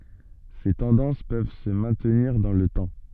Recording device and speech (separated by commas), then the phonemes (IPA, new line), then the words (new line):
soft in-ear microphone, read sentence
se tɑ̃dɑ̃s pøv sə mɛ̃tniʁ dɑ̃ lə tɑ̃
Ces tendances peuvent se maintenir dans le temps.